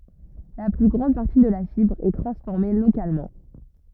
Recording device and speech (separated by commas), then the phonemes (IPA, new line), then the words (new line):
rigid in-ear microphone, read sentence
la ply ɡʁɑ̃d paʁti də la fibʁ ɛ tʁɑ̃sfɔʁme lokalmɑ̃
La plus grande partie de la fibre est transformée localement.